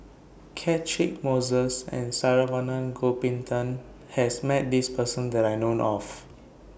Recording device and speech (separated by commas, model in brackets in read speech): boundary microphone (BM630), read sentence